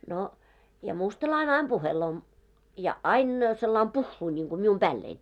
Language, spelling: Finnish, no ja mustalainen aina puhelee ja aina sillä lailla puhuu niin kuin minun päälleni
- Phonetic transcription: no , ja 'mustalaine 'aim 'ʙuheloo , ja '"ain , sellaim "puhhuu niŋɢu mium "ʙäällein .

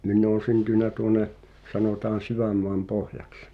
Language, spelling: Finnish, minä olen syntynyt tuonne sanotaan Sydänmaanpohjaksi
- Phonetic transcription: min̆n ‿oon̬ 'syntỳnä 'tuone , 'sanòtaan̬ 'Syvämmoam"pohjaks .

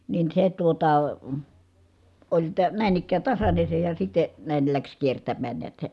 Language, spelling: Finnish, niin se tuota oli - näin ikään tasainen se ja sitten näin lähti kiertämään näet se
- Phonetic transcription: nin se tuota , oĺ tə- , nä̀in ‿ik̆kää tasane se ja sit̆te , nä̀il läks kiertämmään niät se ,.

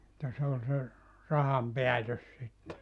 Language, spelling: Finnish, mutta se oli se rahan päätös sitten
- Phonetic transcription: [mut]ta se ol se , 'raham "peätös sitte .

